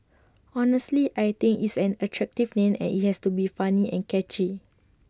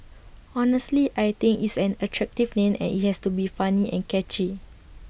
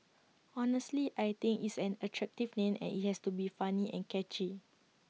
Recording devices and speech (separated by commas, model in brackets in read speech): standing microphone (AKG C214), boundary microphone (BM630), mobile phone (iPhone 6), read sentence